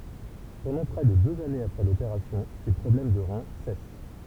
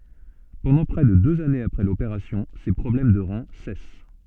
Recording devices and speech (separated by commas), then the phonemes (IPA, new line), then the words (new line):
temple vibration pickup, soft in-ear microphone, read sentence
pɑ̃dɑ̃ pʁɛ də døz anez apʁɛ lopeʁasjɔ̃ se pʁɔblɛm də ʁɛ̃ sɛs
Pendant près de deux années après l'opération, ses problèmes de rein cessent.